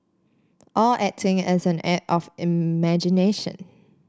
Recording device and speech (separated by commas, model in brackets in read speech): standing microphone (AKG C214), read sentence